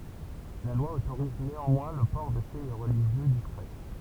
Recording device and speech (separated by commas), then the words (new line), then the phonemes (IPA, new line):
temple vibration pickup, read sentence
La loi autorise néanmoins le port de signes religieux discrets.
la lwa otoʁiz neɑ̃mwɛ̃ lə pɔʁ də siɲ ʁəliʒjø diskʁɛ